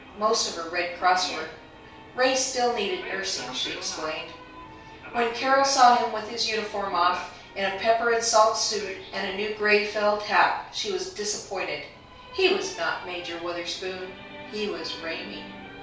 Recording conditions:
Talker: one person; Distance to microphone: 3.0 m; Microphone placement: far; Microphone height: 1.8 m; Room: small (3.7 m by 2.7 m); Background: television

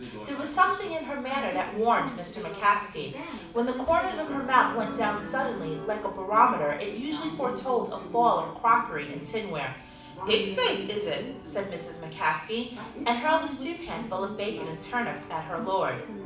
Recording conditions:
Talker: one person; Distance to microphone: 5.8 m; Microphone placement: far; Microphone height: 1.8 m; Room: medium-sized (5.7 m by 4.0 m); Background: television

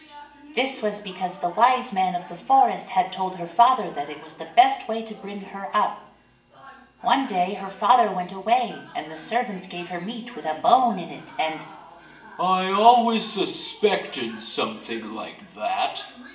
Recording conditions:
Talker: one person; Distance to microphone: 1.8 m; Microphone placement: close; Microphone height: 1.0 m; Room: large; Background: television

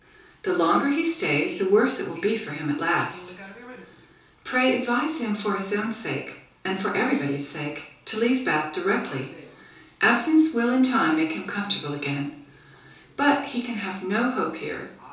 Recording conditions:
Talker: one person; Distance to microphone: 3.0 m; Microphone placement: far; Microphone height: 1.8 m; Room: small (3.7 m by 2.7 m); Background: television

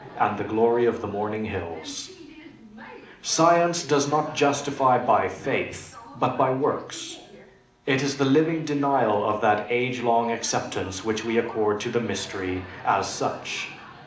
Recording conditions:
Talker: one person; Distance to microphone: 2.0 m; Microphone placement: close; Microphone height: 99 cm; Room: medium-sized (5.7 m by 4.0 m); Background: television

